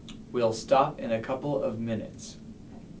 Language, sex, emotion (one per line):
English
male
neutral